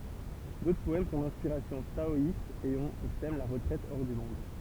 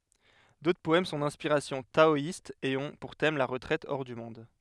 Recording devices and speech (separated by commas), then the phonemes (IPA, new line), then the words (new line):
temple vibration pickup, headset microphone, read sentence
dotʁ pɔɛm sɔ̃ dɛ̃spiʁasjɔ̃ taɔist e ɔ̃ puʁ tɛm la ʁətʁɛt ɔʁ dy mɔ̃d
D'autres poèmes sont d'inspiration taoïste et ont pour thème la retraite hors du monde.